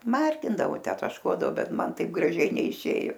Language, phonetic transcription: Lithuanian, ˈmargindavo ˈtę tašˈkuodavo ˈbet ˈman ˈtaip graˈžiai neiˈšėju

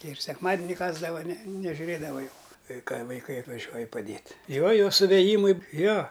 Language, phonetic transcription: Lithuanian, ˈtei ir sekˈmadini ˈkasdava ne nežiuˈrėdava juk ˈkai kai vaiˈkai atvaˈžiuoji paˈdėt' ˈjo ˈjau suvėˈjymai ˈjo

